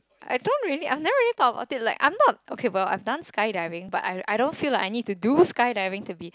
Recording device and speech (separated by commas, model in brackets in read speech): close-talking microphone, conversation in the same room